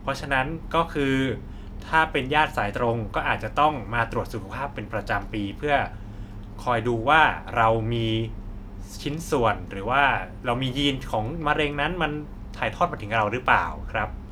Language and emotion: Thai, neutral